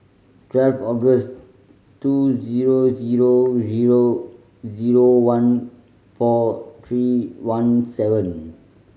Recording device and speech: mobile phone (Samsung C5010), read sentence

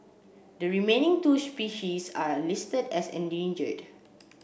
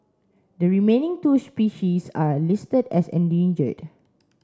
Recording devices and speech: boundary microphone (BM630), standing microphone (AKG C214), read sentence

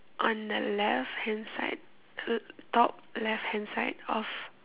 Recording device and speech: telephone, conversation in separate rooms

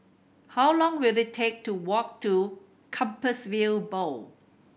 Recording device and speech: boundary microphone (BM630), read sentence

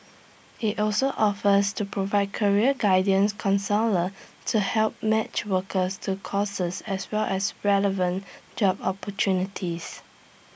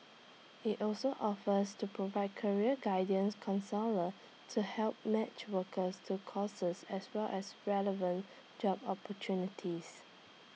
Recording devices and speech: boundary microphone (BM630), mobile phone (iPhone 6), read sentence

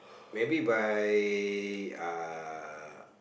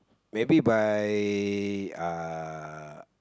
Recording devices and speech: boundary microphone, close-talking microphone, conversation in the same room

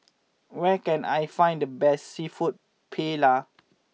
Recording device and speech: mobile phone (iPhone 6), read sentence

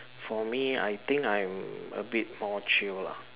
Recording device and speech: telephone, conversation in separate rooms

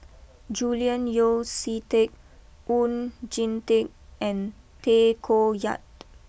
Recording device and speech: boundary microphone (BM630), read sentence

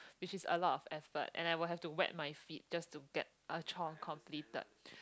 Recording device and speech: close-talking microphone, conversation in the same room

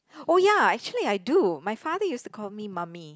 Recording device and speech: close-talking microphone, conversation in the same room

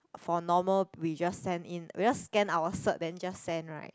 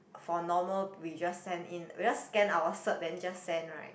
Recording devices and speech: close-talking microphone, boundary microphone, conversation in the same room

